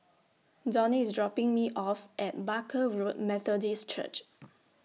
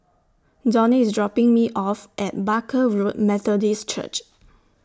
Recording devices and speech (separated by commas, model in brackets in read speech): mobile phone (iPhone 6), standing microphone (AKG C214), read sentence